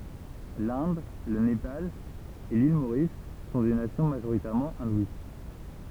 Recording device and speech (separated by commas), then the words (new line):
temple vibration pickup, read sentence
L'Inde, le Népal et l'île Maurice sont des nations majoritairement hindouistes.